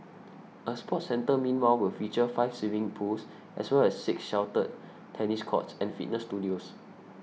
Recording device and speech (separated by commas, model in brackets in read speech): mobile phone (iPhone 6), read sentence